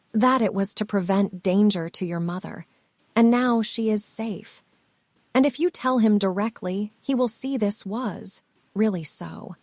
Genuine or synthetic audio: synthetic